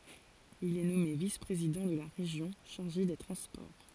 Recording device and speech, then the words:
forehead accelerometer, read sentence
Il est nommé vice-président de la Région chargé des transports.

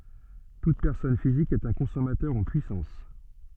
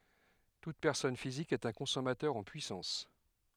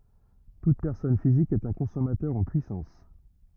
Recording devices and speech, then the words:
soft in-ear microphone, headset microphone, rigid in-ear microphone, read sentence
Toute personne physique est un consommateur en puissance.

